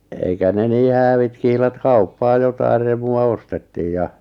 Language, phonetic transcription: Finnish, 'eikä ne 'nii "häävit 'kihlat "kauppaa 'jotair remu₍a 'ostettiij ja ,.
- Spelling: eikä ne niin häävit kihlat kauppaa jotakin remua ostettiin ja

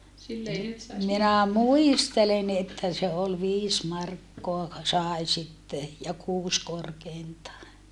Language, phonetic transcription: Finnish, minä muistelen että se ol viis markkoa , sài̮ sitte , ja kuus korkeintaa .
- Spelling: minä muistelen että se oli viisi markkaa sai sitten ja kuusi korkeintaan

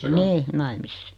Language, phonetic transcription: Finnish, 'nii , 'naimisessa .
- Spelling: niin naimisissa

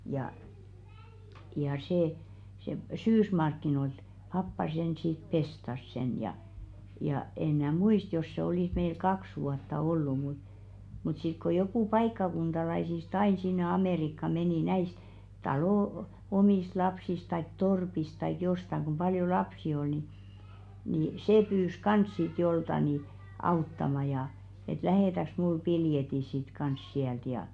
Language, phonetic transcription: Finnish, ja , ja sè , se "syysmarkkinoilt , 'pappa sen sit "pestas sen ja , ja en 'mnää "muist jos se olìs 'meil "kaks vuatta ollu mut , mut sit ko jokù 'paikkakuntalaisis"t ‿ain sinne 'Amèrikka 'menì "näist , 'talò , "omìst 'lapsis taik "torpis taik 'jostaŋ ɢum 'paljo "lapsi ol ni , ni "sè 'pyys 'kans sit jolta ni , 'auttama ja , et » "lähètäks mul 'piljeti sit kans siält « ja .
- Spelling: ja ja se se syysmarkkinoilta pappa sen sitten pestasi sen ja ja en minä muista jos se olisi meillä kaksi vuotta ollut mutta mutta sitten kun joku paikkakuntalaisista aina sinne Amerikkaan meni näistä talon omista lapsista tai torpista tai jostakin kun paljon lapsia oli niin niin se pyysi kanssa sitten joltakin niin auttamaan ja että lähetätkös minulle piletin sitten kanssa sieltä ja

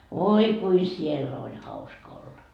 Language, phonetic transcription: Finnish, 'voi kui "siell ‿oĺ 'hauska olla .
- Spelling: voi kuinka siellä oli hauska olla

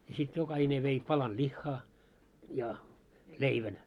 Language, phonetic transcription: Finnish, ja sit 'jokahine vei , 'palan 'ĺiχχa , ja , "leivän .
- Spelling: ja sitten jokainen vei palan lihaa ja leivän

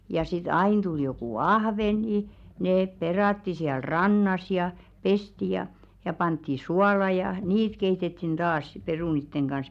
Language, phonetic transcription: Finnish, ja 'sit "ain 'tul jokù "ahveŋɢi , 'neep 'peràtti siäl "rannas ja , 'pesti ja , ja 'pantti "suala ja , "niit 'keitettin "taas si perunitteŋ ɢans .
- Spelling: ja sitten aina tuli joku ahvenkin ne perattiin siellä rannassa ja pestiin ja ja pantiin suolaan ja niitä keitettiin taas sitten perunoiden kanssa

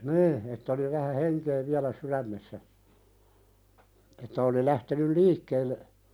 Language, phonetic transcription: Finnish, nii , ett ‿oli vähä "heŋke viälä 'suðämmessä , että oli 'lähtenyl "liikkeelle ,.
- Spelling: niin että oli vähän henkeä vielä sydämessä että oli lähtenyt liikkeelle

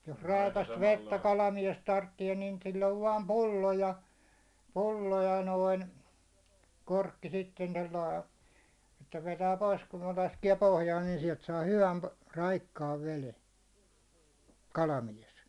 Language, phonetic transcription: Finnish, jos 'ràikast 'vettä 'kalamies 'tarttie niin 'sil'l ‿ov 'vaam "pullo ja , "pullo ja 'noin , 'korkki sitten 'tollai , että 'vetää 'pois kun ne 'laskie pohjaan niin siɛlt saa 'hyvän , 'raikkaav 'vele , "kalamies .
- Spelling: jos raikasta vettä kalamies tarvitsee niin sillä on vain pullo ja pullo ja noin korkki sitten tuolla lailla että vetää pois kun ne laskee pohjaan niin sieltä saa hyvän raikkaan veden kalamies

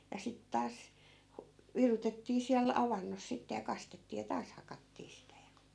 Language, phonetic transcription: Finnish, ja 'sit 'taas , hu- , 'virutettii siäl "avannos sitte ja 'kastettii ja 'taas hakattii sitä ja .
- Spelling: ja sitten taas - virutettiin siellä avannossa sitten ja kastettiin ja taas hakattiin sitä ja

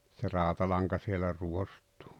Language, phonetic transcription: Finnish, se "ràotalaŋka sielä "ruost̀ᴜᴜ .
- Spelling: se rautalanka siellä ruostuu

